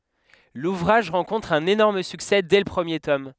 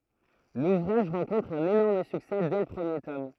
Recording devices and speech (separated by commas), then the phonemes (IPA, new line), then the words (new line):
headset microphone, throat microphone, read sentence
luvʁaʒ ʁɑ̃kɔ̃tʁ œ̃n enɔʁm syksɛ dɛ lə pʁəmje tɔm
L'ouvrage rencontre un énorme succès dès le premier tome.